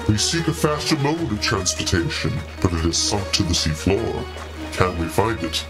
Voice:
deep voice